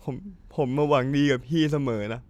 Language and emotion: Thai, sad